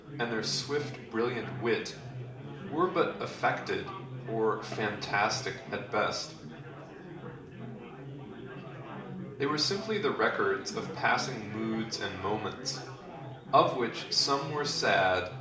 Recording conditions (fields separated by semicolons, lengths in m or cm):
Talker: one person; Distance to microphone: 2.0 m; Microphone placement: close; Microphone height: 99 cm; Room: medium-sized (5.7 m by 4.0 m); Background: babble